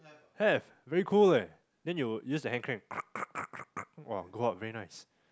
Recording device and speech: close-talking microphone, conversation in the same room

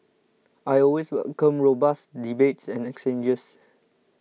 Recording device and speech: mobile phone (iPhone 6), read sentence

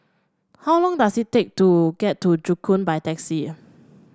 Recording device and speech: standing microphone (AKG C214), read sentence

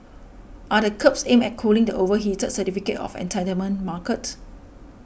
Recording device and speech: boundary microphone (BM630), read sentence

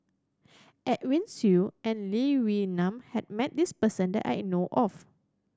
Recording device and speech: standing microphone (AKG C214), read sentence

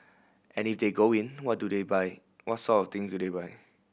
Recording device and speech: boundary microphone (BM630), read sentence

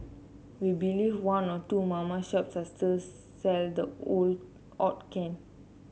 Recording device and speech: mobile phone (Samsung C7), read sentence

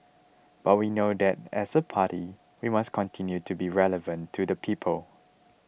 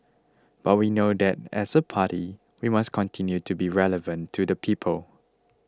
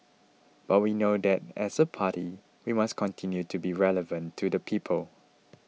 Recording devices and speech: boundary microphone (BM630), close-talking microphone (WH20), mobile phone (iPhone 6), read sentence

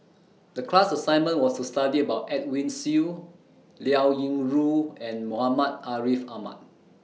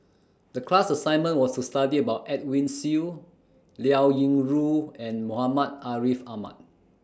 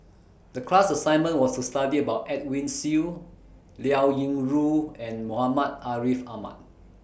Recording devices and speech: mobile phone (iPhone 6), standing microphone (AKG C214), boundary microphone (BM630), read sentence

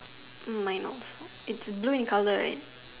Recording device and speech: telephone, conversation in separate rooms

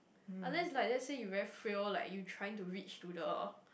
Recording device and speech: boundary microphone, conversation in the same room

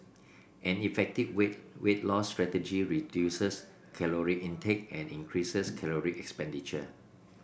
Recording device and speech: boundary microphone (BM630), read sentence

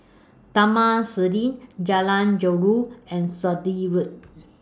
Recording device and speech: standing microphone (AKG C214), read sentence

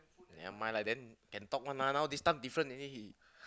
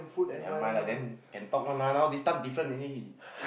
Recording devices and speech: close-talking microphone, boundary microphone, conversation in the same room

